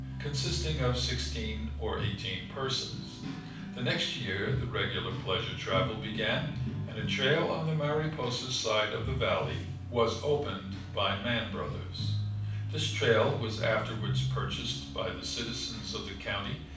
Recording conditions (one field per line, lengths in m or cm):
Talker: one person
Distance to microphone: 5.8 m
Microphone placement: far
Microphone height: 1.8 m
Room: medium-sized (5.7 m by 4.0 m)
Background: music